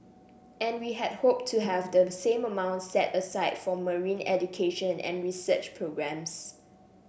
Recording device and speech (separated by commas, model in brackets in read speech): boundary microphone (BM630), read sentence